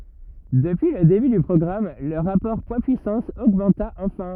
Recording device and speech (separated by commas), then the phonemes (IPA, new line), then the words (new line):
rigid in-ear microphone, read sentence
dəpyi lə deby dy pʁɔɡʁam lə ʁapɔʁ pwadspyisɑ̃s oɡmɑ̃ta ɑ̃fɛ̃
Depuis le début du programme, le rapport poids-puissance augmenta enfin.